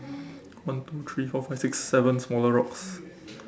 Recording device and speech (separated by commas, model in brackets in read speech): standing microphone, conversation in separate rooms